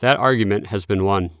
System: none